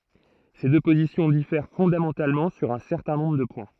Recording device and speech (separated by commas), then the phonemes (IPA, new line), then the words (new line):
throat microphone, read sentence
se dø pozisjɔ̃ difɛʁ fɔ̃damɑ̃talmɑ̃ syʁ œ̃ sɛʁtɛ̃ nɔ̃bʁ də pwɛ̃
Ces deux positions diffèrent fondamentalement sur un certain nombre de points.